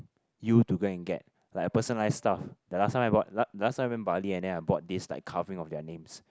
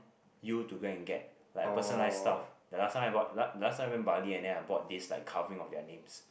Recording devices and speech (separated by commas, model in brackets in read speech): close-talking microphone, boundary microphone, conversation in the same room